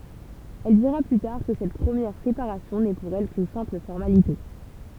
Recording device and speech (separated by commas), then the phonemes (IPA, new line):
temple vibration pickup, read sentence
ɛl diʁa ply taʁ kə sɛt pʁəmjɛʁ sepaʁasjɔ̃ nɛ puʁ ɛl kyn sɛ̃pl fɔʁmalite